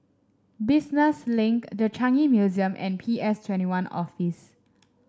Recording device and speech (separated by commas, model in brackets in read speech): standing microphone (AKG C214), read sentence